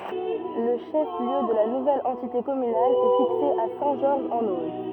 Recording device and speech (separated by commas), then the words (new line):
rigid in-ear microphone, read sentence
Le chef-lieu de la nouvelle entité communale est fixé à Saint-Georges-en-Auge.